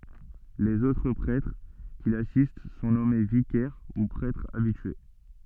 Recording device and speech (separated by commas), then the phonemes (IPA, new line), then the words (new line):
soft in-ear microphone, read sentence
lez otʁ pʁɛtʁ ki lasist sɔ̃ nɔme vikɛʁ u pʁɛtʁz abitye
Les autres prêtres qui l'assistent sont nommés vicaires, ou prêtres habitués.